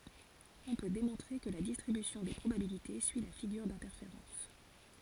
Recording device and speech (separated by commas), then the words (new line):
forehead accelerometer, read sentence
On peut démontrer que la distribution des probabilités suit la figure d'interférence.